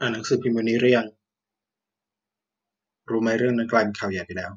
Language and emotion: Thai, frustrated